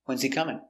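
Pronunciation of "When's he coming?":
In 'When's he coming?', the h in 'he' is silent.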